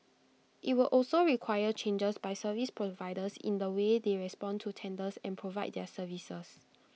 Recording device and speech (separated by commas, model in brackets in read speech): mobile phone (iPhone 6), read sentence